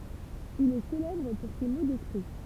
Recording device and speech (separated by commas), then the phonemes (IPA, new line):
temple vibration pickup, read sentence
il ɛ selɛbʁ puʁ se mo dɛspʁi